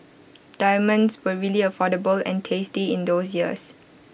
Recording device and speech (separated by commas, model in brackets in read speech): boundary microphone (BM630), read sentence